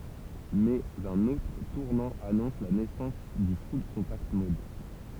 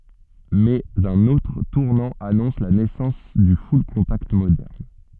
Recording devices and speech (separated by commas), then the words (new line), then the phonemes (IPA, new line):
temple vibration pickup, soft in-ear microphone, read sentence
Mais un autre tournant annonce la naissance du full-contact moderne.
mɛz œ̃n otʁ tuʁnɑ̃ anɔ̃s la nɛsɑ̃s dy fyllkɔ̃takt modɛʁn